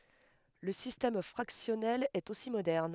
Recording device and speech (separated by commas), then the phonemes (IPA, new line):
headset microphone, read sentence
lə sistɛm fʁaksjɔnɛl ɛt osi modɛʁn